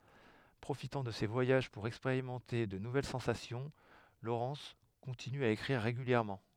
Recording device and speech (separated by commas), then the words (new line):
headset microphone, read sentence
Profitant de ses voyages pour expérimenter de nouvelles sensations, Lawrence continue à écrire régulièrement.